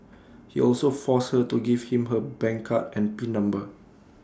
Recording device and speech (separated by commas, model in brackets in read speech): standing microphone (AKG C214), read sentence